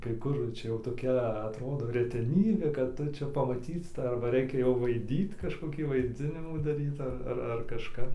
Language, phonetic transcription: Lithuanian, kai ˈkur ˈčia ˈjau toˈkia atˈrodo reteˈnybė kad ˈtu ˈčia pamaˈtyt ˈtą arba ˈreikia jau vaiˈdyt kažkoˈkį vaiˈdzinimų daˈryt ar ar kažˈkap

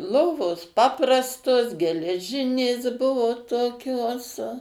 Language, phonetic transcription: Lithuanian, ˈlovos ˈpaprastos geleˈžinės ˈbuvo toˈkios

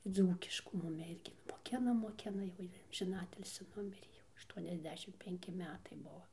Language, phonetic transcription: Lithuanian, ˈdzūkiškų ˈmumi ˈirgi nu moˈkina moˈkina jau ˈjy amžiˈnatilsi ˈnumirė jau ašˌtuoniasˈdešim penˈki ˈmetai ˈbuo

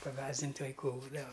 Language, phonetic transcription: Lithuanian, paˈgąsdint' vaiˈkų ˈbūdava

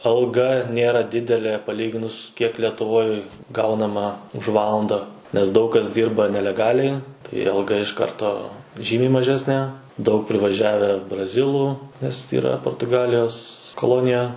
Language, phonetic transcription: Lithuanian, alˈga ˈnėra ˈdidelė paˈlyginus kiek letuˈvoj ˈgaunama už ˈvalanda nes ˈdaug kas ˈdyrba neleˈgaliai tai alˈga iš ˈkarto ˈžymiai maˈžesnė daug privaˈžiavę braˈzilų nes yˈra portuˈgalijos koˈlonija

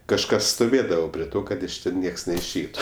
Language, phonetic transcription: Lithuanian, kažˈkas stoˈvėdavo prie ˈto ˈkad iš ˈten ˈnieks neišˈeitu

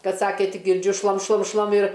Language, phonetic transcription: Lithuanian, ˈkad ˈsakė ˈtik girˈdžiu ˈšlam ˈšlam ˈšlam ir

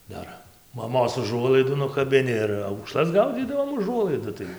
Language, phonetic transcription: Lithuanian, ˈdar maˈmos uˈžuolaidų nukabiˈni ir aukˈšlas ˈgaudzydavom uˈžuolaidu tai

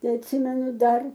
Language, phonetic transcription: Lithuanian, ˈtai atˈsimenu ˈdar

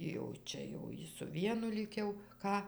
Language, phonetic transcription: Lithuanian, jau ˈčia jau ˈji su ˈvienu ˈlyg jau ˈką

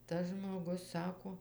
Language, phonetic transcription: Lithuanian, tas žmoˈgus ˈsako

